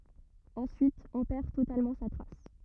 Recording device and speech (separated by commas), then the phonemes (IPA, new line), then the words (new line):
rigid in-ear microphone, read sentence
ɑ̃syit ɔ̃ pɛʁ totalmɑ̃ sa tʁas
Ensuite, on perd totalement sa trace.